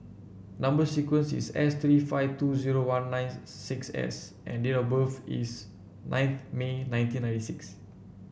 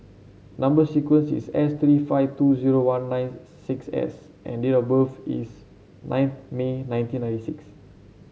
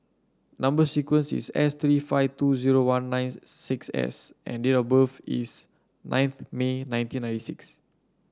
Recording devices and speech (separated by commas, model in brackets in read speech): boundary microphone (BM630), mobile phone (Samsung C7), standing microphone (AKG C214), read sentence